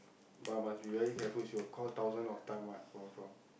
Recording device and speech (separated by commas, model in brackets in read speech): boundary microphone, conversation in the same room